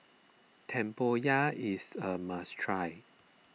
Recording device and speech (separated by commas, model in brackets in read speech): mobile phone (iPhone 6), read sentence